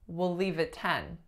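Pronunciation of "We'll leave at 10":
In 'We'll leave at 10', the main stress falls on the last syllable, 'ten'.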